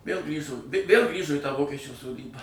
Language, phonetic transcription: Lithuanian, vėl ˈgrįžu vėl ˈgrįžu į tą ˈvokečių soˈdybą

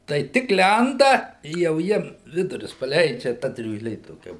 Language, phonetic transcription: Lithuanian, tai ˈtik ˈlenda i jau ˈjiem ˈvidurius paˈleidžia ˈta driūžˈlė toˈkia

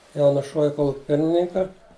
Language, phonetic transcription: Lithuanian, ˈjau nuˈšuovi ˈkoluki ˈpirmininka

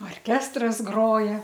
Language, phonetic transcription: Lithuanian, orˈkestras ˈgroja

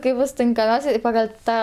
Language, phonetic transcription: Lithuanian, ˈkaip ˈbus tinkaˈmiausia i pagal' ˈtą

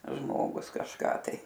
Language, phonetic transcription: Lithuanian, ˈžmogus kažˈką tai

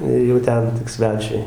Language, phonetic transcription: Lithuanian, ir jau ˈten tik ˈsvečiui

